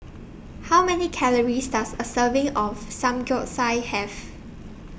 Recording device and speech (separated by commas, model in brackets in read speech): boundary microphone (BM630), read sentence